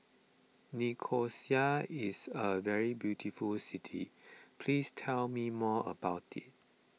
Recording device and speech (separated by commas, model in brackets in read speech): mobile phone (iPhone 6), read sentence